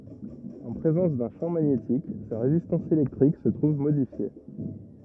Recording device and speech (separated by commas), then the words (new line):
rigid in-ear microphone, read sentence
En présence d'un champ magnétique, sa résistance électrique se trouve modifiée.